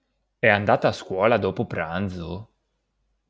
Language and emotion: Italian, surprised